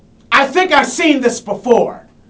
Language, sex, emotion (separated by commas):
English, male, angry